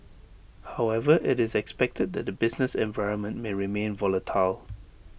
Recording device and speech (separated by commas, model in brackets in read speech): boundary microphone (BM630), read sentence